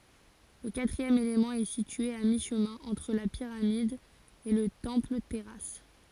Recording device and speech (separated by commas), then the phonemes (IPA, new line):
forehead accelerometer, read sentence
lə katʁiɛm elemɑ̃ ɛ sitye a miʃmɛ̃ ɑ̃tʁ la piʁamid e lə tɑ̃plətɛʁas